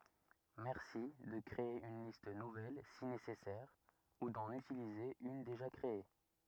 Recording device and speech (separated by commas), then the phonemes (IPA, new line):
rigid in-ear microphone, read sentence
mɛʁsi də kʁee yn list nuvɛl si nesɛsɛʁ u dɑ̃n ytilize yn deʒa kʁee